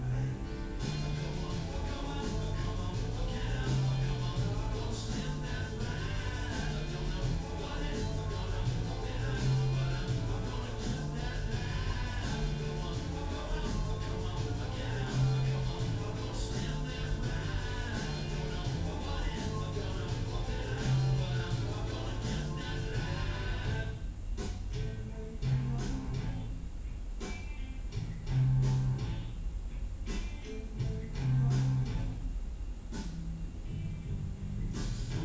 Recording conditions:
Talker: no one; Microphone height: 1.0 m; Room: large; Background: music

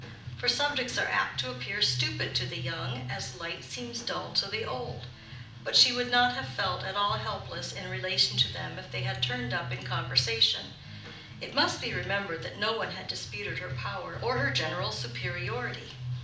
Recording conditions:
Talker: one person; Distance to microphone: 2.0 m; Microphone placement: close; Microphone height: 99 cm; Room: medium-sized (5.7 m by 4.0 m); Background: music

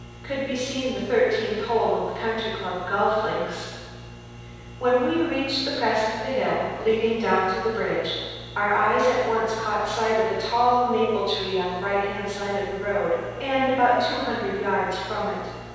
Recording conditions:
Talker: one person; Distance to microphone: 7.1 m; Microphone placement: far; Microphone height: 1.7 m; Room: very reverberant, large; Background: none

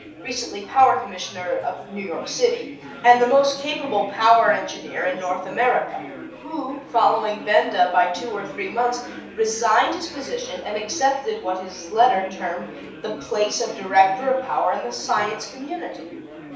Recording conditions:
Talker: one person; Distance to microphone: 3.0 m; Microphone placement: far; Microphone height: 1.8 m; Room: small (3.7 m by 2.7 m); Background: babble

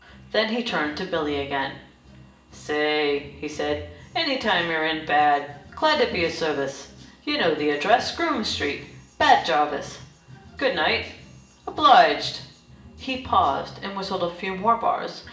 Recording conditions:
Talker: one person; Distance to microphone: 1.8 m; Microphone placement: close; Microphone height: 1.0 m; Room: large; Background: music

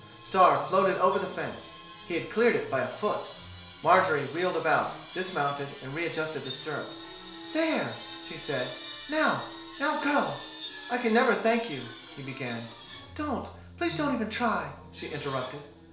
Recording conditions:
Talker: one person; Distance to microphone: 1.0 m; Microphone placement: close; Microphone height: 1.1 m; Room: small (3.7 m by 2.7 m); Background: television

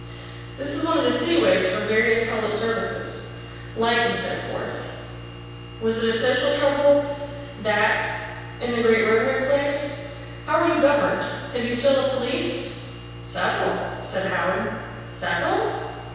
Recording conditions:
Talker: one person; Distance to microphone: 7.1 m; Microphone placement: far; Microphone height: 1.7 m; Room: very reverberant, large; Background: none

